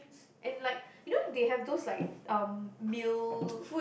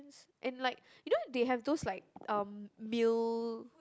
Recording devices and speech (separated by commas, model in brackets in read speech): boundary microphone, close-talking microphone, conversation in the same room